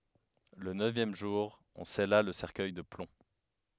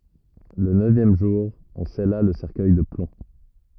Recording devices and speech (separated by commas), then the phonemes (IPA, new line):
headset microphone, rigid in-ear microphone, read sentence
lə nøvjɛm ʒuʁ ɔ̃ sɛla lə sɛʁkœj də plɔ̃